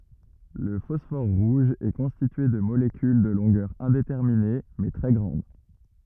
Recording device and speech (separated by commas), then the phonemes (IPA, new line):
rigid in-ear microphone, read sentence
lə fɔsfɔʁ ʁuʒ ɛ kɔ̃stitye də molekyl də lɔ̃ɡœʁ ɛ̃detɛʁmine mɛ tʁɛ ɡʁɑ̃d